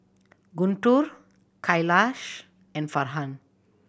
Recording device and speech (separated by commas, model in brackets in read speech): boundary microphone (BM630), read sentence